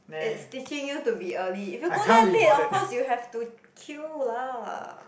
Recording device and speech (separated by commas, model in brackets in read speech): boundary microphone, conversation in the same room